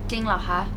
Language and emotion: Thai, neutral